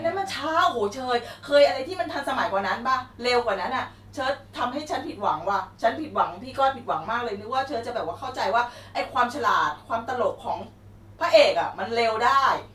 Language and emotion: Thai, frustrated